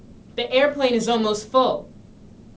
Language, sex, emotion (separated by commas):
English, female, neutral